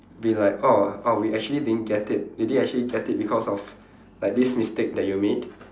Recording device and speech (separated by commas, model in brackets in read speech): standing microphone, conversation in separate rooms